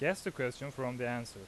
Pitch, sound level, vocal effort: 125 Hz, 89 dB SPL, loud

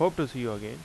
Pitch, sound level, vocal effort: 130 Hz, 85 dB SPL, loud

